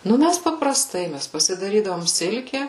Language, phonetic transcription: Lithuanian, ˈnu ˈmæs papraˈstai ˈmæs pasidaˈrydavom ˈsilke

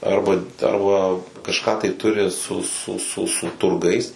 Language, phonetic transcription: Lithuanian, ˈarba ˈarba kažˈką tai ˈturi su su su su turˈgais

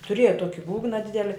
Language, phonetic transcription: Lithuanian, tuˈrėja ˈtuoki ˈbūgna ˈdideli

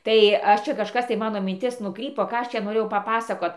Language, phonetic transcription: Lithuanian, ˈtai ˈaš ˈčia kažˈkas tai ˈmano minˈtis ˈnukrypo ˈką ˈaš čia noˈrėjau paˈpasakot

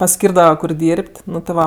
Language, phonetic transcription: Lithuanian, paˈskyrdava kur ˈdyrp't' ˈnu ti ˈva

